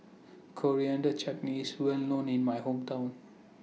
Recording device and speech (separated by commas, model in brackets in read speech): mobile phone (iPhone 6), read sentence